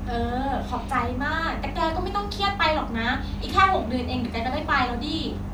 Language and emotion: Thai, happy